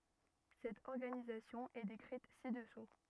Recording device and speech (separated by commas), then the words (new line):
rigid in-ear microphone, read sentence
Cette organisation est décrite ci-dessous.